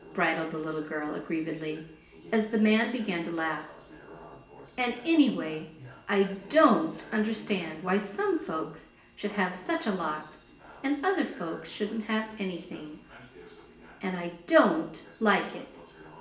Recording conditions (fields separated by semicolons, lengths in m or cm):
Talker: one person; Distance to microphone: 1.8 m; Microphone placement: close; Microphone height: 1.0 m; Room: large; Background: television